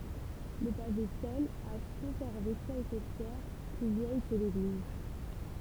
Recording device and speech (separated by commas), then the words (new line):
temple vibration pickup, read sentence
Le pavé seul a conservé quelques pierres plus vieilles que l'église.